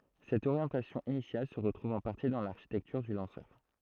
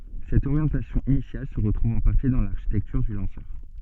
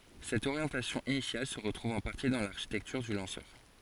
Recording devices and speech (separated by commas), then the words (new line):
throat microphone, soft in-ear microphone, forehead accelerometer, read sentence
Cette orientation initiale se retrouve en partie dans l'architecture du lanceur.